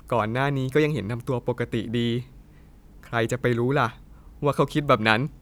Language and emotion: Thai, neutral